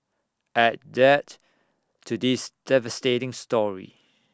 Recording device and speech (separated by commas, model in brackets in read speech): standing microphone (AKG C214), read sentence